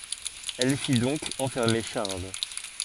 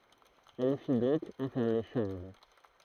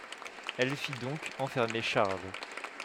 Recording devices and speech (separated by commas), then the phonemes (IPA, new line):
forehead accelerometer, throat microphone, headset microphone, read sentence
ɛl fi dɔ̃k ɑ̃fɛʁme ʃaʁl